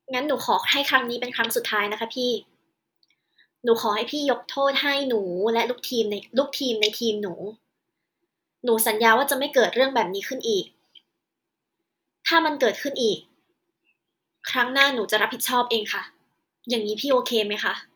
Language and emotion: Thai, sad